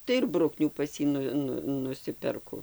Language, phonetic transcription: Lithuanian, tai ir ˈbruknių ˈpas jį ˈnu ˈnu nuˈsiperku

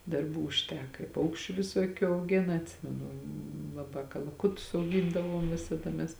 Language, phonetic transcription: Lithuanian, darˈbų užˈteka i ˈpaukščiu viˈsokiu auˈgėna atˈsimenu laˈbā kalaˈkutus auˈgyndavom ˈvisada mes

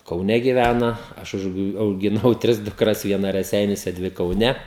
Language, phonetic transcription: Lithuanian, kauˈne giˈvæna ˈaš už augiˈnau ˈtris dukˈras vieˈna reˈseiniuose ˈdvi kauˈne

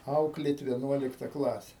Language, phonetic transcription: Lithuanian, ˈauklėt vieˈnuolikta ˈklase

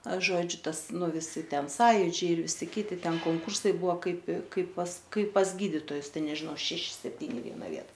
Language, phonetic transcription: Lithuanian, ˈaš ˈžodžiu ˈtas ˈnu viˈsi ˈten ˈsąjudžiai ir ˈvisi ˈkyti ˈten konˈkursai ˈbuvo ˈkaip ˈkaip pas ˈkaip pas ˈgyditojus ˈten nežiˈno ar ˈšeši sepˈtyni i ˈviena ˈvieta

